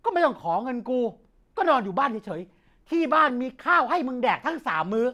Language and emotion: Thai, angry